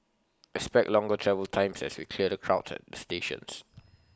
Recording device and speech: close-talking microphone (WH20), read sentence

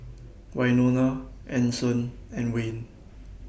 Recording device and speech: boundary microphone (BM630), read sentence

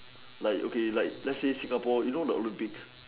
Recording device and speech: telephone, conversation in separate rooms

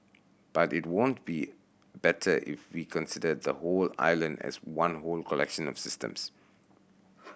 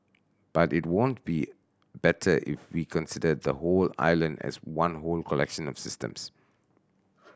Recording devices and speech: boundary microphone (BM630), standing microphone (AKG C214), read sentence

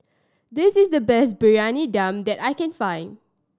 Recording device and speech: standing microphone (AKG C214), read sentence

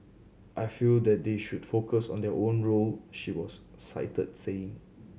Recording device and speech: mobile phone (Samsung C7100), read sentence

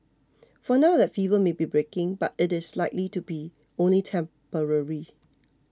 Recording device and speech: close-talking microphone (WH20), read sentence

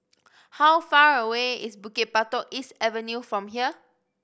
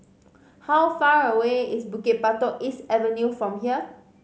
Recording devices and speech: boundary microphone (BM630), mobile phone (Samsung C5010), read sentence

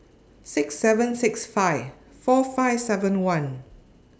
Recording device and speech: standing microphone (AKG C214), read sentence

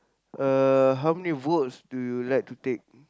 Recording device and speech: close-talking microphone, conversation in the same room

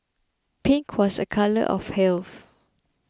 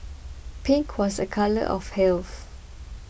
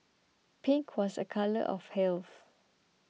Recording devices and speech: close-talking microphone (WH20), boundary microphone (BM630), mobile phone (iPhone 6), read sentence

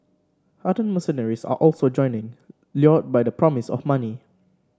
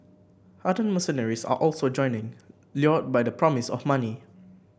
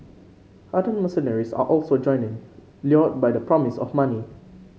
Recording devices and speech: standing microphone (AKG C214), boundary microphone (BM630), mobile phone (Samsung C5), read sentence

